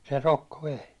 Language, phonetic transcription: Finnish, se 'rokko vei .
- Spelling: se rokko vei

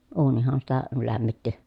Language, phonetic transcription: Finnish, uunihan sitä , lämmitti .
- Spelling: uunihan sitä lämmitti

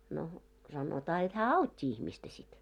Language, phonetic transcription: Finnish, no , sanotaa jot hää "aut́t́i ihmistä sit .
- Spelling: no sanotaan jotta hän auttoi ihmistä sitten

